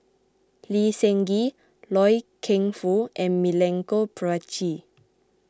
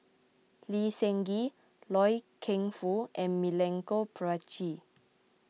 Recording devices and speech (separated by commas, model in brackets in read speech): close-talking microphone (WH20), mobile phone (iPhone 6), read sentence